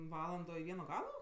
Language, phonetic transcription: Lithuanian, ˈvalando i ˈvieno ˈgalo

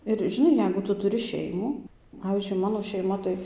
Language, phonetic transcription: Lithuanian, ir žiˈnai ˈjeigu ˈtu tuˈri ˈšeimų ˈpavyzdžiui ˈmano šeiˈma tai

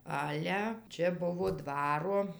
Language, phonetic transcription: Lithuanian, ˈale ˈčia ˈbuvo ˈdvaro

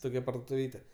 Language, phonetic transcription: Lithuanian, ˈtokia pardotuˈvyte

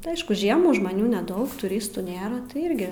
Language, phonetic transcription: Lithuanian, ti ˈaišku ˈ žiemų žmaˈnių neˈdaug tuˈristų ˈnėra tai ˈirgi

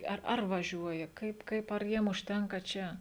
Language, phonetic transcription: Lithuanian, ˈar ˈar vaˈžiuoja ˈkaip ˈkaip ar ˈjiem užˈtenka ˈčia

